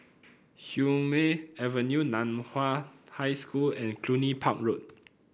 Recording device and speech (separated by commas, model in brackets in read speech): boundary microphone (BM630), read sentence